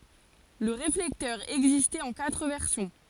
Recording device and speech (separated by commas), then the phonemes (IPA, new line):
forehead accelerometer, read sentence
lə ʁeflɛktœʁ ɛɡzistɛt ɑ̃ katʁ vɛʁsjɔ̃